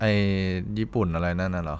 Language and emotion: Thai, frustrated